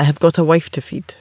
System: none